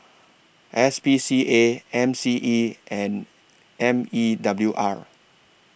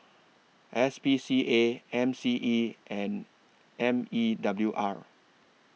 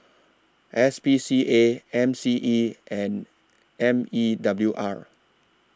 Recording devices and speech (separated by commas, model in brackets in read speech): boundary microphone (BM630), mobile phone (iPhone 6), standing microphone (AKG C214), read sentence